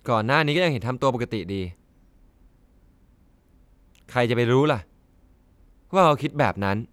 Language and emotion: Thai, frustrated